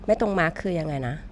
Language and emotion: Thai, neutral